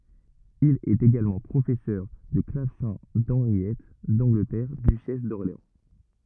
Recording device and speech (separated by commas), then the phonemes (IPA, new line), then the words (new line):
rigid in-ear microphone, read sentence
il ɛt eɡalmɑ̃ pʁofɛsœʁ də klavsɛ̃ dɑ̃ʁjɛt dɑ̃ɡlətɛʁ dyʃɛs dɔʁleɑ̃
Il est également professeur de clavecin d’Henriette d'Angleterre, duchesse d'Orléans.